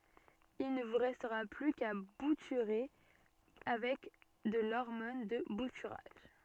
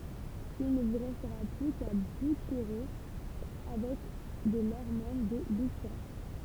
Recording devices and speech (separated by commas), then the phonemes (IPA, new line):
soft in-ear microphone, temple vibration pickup, read sentence
il nə vu ʁɛstʁa ply ka butyʁe avɛk də lɔʁmɔn də butyʁaʒ